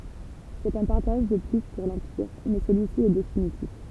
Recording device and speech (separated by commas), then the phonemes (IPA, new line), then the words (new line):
temple vibration pickup, read sentence
sɛt œ̃ paʁtaʒ də ply puʁ lɑ̃piʁ mɛ səlyisi ɛ definitif
C'est un partage de plus pour l'Empire mais celui-ci est définitif.